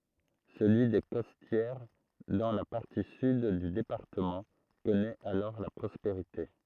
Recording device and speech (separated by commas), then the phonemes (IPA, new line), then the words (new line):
throat microphone, read sentence
səlyi de kɔstjɛʁ dɑ̃ la paʁti syd dy depaʁtəmɑ̃ kɔnɛt alɔʁ la pʁɔspeʁite
Celui des Costières, dans la partie sud du département, connaît alors la prospérité.